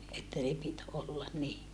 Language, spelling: Finnish, että ne piti olla niin
- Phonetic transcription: että ne pit ollan ni .

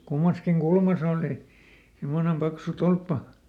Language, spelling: Finnish, kummassakin kulmassa oli semmoinen paksu tolppa
- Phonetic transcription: ˈkummaskiŋ ˈkulmas ‿òli , himmonem ˈpaksu "tolppa .

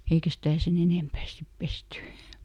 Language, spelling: Finnish, eikä sitä sen enempää sitten pesty
- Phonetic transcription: ˈeikä stä̀ "sen ‿enèmpää ˈsip ˈpesty .

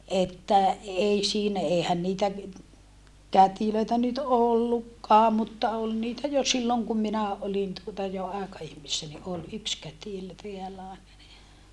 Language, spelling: Finnish, että ei siinä eihän niitä kätilöitä nyt ollutkaan mutta oli niitä jo silloin kun minä olin tuota jo aikaihmisenä niin oli yksi kätilö täällä aina niin
- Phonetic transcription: että , ei siinä , eehän niitä , kätilöitä nyt ollukkaa mutta ol niitä jo silloŋ kum minä olin tuota jo àeka₍ihmissä ni ʼol ʼyks kätilö teällä (àena ni) .

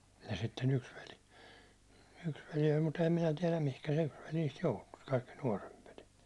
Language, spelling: Finnish, ja sitten yksi veli yksi veli oli mutta enhän minä tiedä mihin se yksi veli niistä joutui kaikki nuorempi veli
- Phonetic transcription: ja sitte'n ‿yks veli , 'yks veli oĺ mut ‿ehäm minä 'tiɛläm 'mihkä se yks veli niist 'joutu , kaikki 'nuåremp veli .

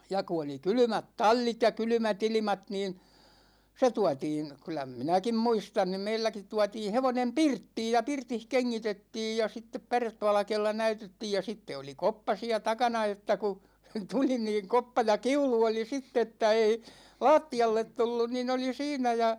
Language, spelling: Finnish, ja kun oli kylmät tallit ja kylmät ilmat niin se tuotiin kyllä minäkin muistan niin meilläkin tuotiin hevonen pirttiin ja pirtissä kengitettiin ja sitten pärevalkealla näytettiin ja sitten oli koppa siellä takana että kun tuli niin koppa ja kiulu oli sitten että ei lattialle tullut niin oli siinä ja
- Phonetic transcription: ja ku oli "kylymät 'tal͕l͕it ja 'kylymä't ‿ilimat niin , se 'tuatiin , kylä "minäkim 'muistan (ni) 'meilläkit 'tuatiin̬ 'hevonem "pirttiij ja 'pirtih 'keŋŋitettij ja 'sittep "päretvalᵃkeella 'näytettiij ja 'sitte oli 'koppa siä 'takana että ku , 'tuli niiŋ "koppa ja "kiulu oli 'sitt ‿että ei , "la̭a̭tti₍allet 'tullun nin ‿oli 'siinä ja ,.

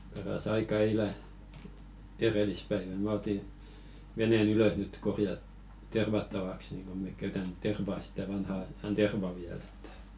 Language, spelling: Finnish, paras aika eilen edellispäivä minä otin veneen ylös nyt - tervattavaksi niin kun me käytämme tervaa sitä vanhan ajan tervaa vielä että
- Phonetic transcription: para's ‿aika 'eilä , "erelispäivä mä oti , 'vene"n ‿ylös nyt korja- 'tervattavaks niŋ ko 'mek käytän "terva sitä 'vanha ajan 'terva viäl ‿ᴇttᴀ̈ .

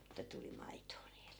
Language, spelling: Finnish, että tuli maitoa niille
- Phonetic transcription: että 'tuli 'maitoo niilE .

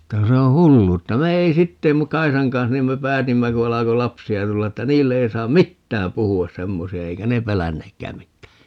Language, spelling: Finnish, että kun se on hulluutta me ei sitten - Kaisan kanssa niin me päätimme kun alkoi lapsia tulla että niille ei saa mitään puhua semmoisia eikä ne pelänneetkään mitään
- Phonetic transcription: että ku se oo̰ "hulluutta - 'me ei sitte mu - "Kaisaŋ kans 'niim me "päätimmä ku 'alako "lapsi₍a 'tulla että "niille 'ei 'saam "mittääm 'puhu₍as "semmosi₍a 'eikä ne "pelänneekkää 'mittää .

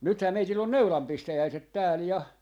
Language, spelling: Finnish, nythän meillä on neulan pistäjäiset täällä ja
- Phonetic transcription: 'nythäm 'meitill ‿on "neulam 'pistäjäiset 'tääl 'ja .

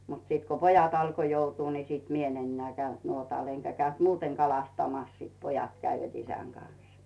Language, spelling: Finnish, mutta sitten kun pojat alkoi joutua niin sitten minä en enää käynyt nuotalla enkä käynyt muuten kalastamassa sitten pojat kävivät isän kanssa
- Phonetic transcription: mut 'sìt ko "pojat ‿alko 'joutuu ni sìt "mi ‿'en ‿enneä̀ käynt "nuotàl eŋkä käynt "muuteŋ 'kalastamas siit "pojat käivät 'isäŋ Gans .

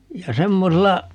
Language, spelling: Finnish, ja semmoisella
- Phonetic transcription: ja 'semmosella , .

